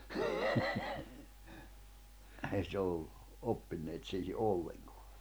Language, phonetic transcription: Finnish, ei se 'ollu , 'oppinneet siihi "’olleŋkᴏᴀ .
- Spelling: ei se ollut oppinut siihen ollenkaan

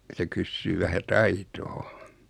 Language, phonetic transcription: Finnish, 'se kyssyy 'vähä "taitoo .
- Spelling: se kysyy vähän taitoa

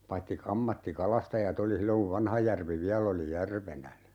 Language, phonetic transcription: Finnish, 'paitti 'k ‿ammatti"kalastaja't ‿oli 'silloŋ kuv 'Vanhajärvi 'viäl̆l ‿oli "järvenä .
- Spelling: paitsi - ammattikalastajat oli silloin kun Vanhajärvi vielä oli järvenä

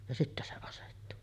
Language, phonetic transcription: Finnish, ja 'sittä se asettu .
- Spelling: ja sitten se asettui

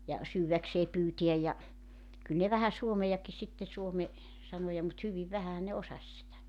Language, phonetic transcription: Finnish, ja , 'syywäksee 'pyytiäj ja , 'kyl ne vähä 'suomejaki sitte 'suome , 'sanoja mut 'hyviv "vähähä ne 'osas sitä .
- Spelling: ja syödäkseen pyytää ja kyllä ne vähän suomeakin sitten suomen sanoja mutta hyvin vähänhän ne osasi sitä

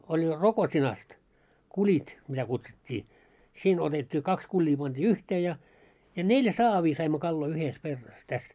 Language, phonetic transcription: Finnish, oĺ "Rokot́inast , 'kuĺit , mitä kutsut́t́ii , 'siin 'otet́t́ii 'kaks 'kuĺĺii panᴅii "yhtee ja , ja "nelʲᵃ̈ 'saavii saimmo 'kalloi 'yhes 'kerras täs .
- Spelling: oli Rokotinasta kulit mitä kutsuttiin siinä otettiin kaksi kulia pantiin yhteen ja ja neljä saavia saimme kaloja yhdessä kerrassa tässä

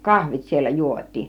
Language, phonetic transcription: Finnish, kahvit siellä "juot́̆tiin .
- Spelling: kahvit siellä juotiin

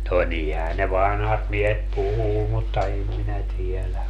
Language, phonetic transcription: Finnish, no 'nihää ne "vanhat miehet "puhuu mutta 'em minä 'tiɛlä .
- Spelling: no niinhän ne vanhat miehet puhuu mutta en minä tiedä

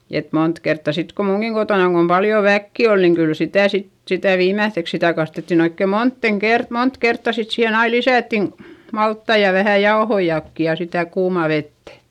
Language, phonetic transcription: Finnish, et mont kertta sit ko muŋGiŋ kotònaŋ kom paljo väkki ol niŋ kyl sitä̀ sit , sitä̀ viimäϑϑeks sitä kastettin ‿oikke montten kert- , mont kertta sit - siihen ‿ai lisä̀ttin , malttai ja vähä jaohoijakki ja sitä kuumà vettÄ .
- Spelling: että monta kertaa sitten kun minunkin kotonani kun paljon väkeä oli niin kyllä sitä sitten sitä viimeiseksi sitä kastettiin oikein moneen - monta kertaa sitten siihen aina lisättiin maltaita ja vähän jauhojakin ja sitä kuumaa vettä

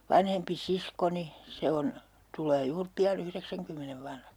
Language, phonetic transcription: Finnish, 'vanhempi "siskoni , 'se on , 'tul̀ee 'juur "pi₍a'n ‿yhreksäŋkymmenev vanhaks .
- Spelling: vanhempi siskoni se on tulee juuri pian yhdeksänkymmenen vanhaksi

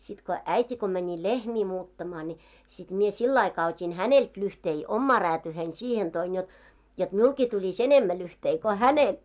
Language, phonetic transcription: Finnish, sit ko , 'äit́i ko mäńi "lehmii 'muuttamaa ńi , sit mie "sill ‿aikaa ot́in "hänelt lyhtei , "ommaa 'räätyyhein sihen toin jot , 'jot "miulkii tuĺis "enemmä lyhtei ko "hänel .
- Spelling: sitten kun äiti kun meni lehmiä muuttamaan niin sitten minä sillä aikaa otin häneltä lyhteitä omaan räätyyni siihen toin jotta jotta minullekin tulisi enemmän lyhteitä kuin hänelle

